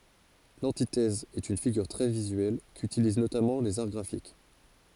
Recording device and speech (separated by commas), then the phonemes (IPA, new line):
forehead accelerometer, read sentence
lɑ̃titɛz ɛt yn fiɡyʁ tʁɛ vizyɛl kytiliz notamɑ̃ lez aʁ ɡʁafik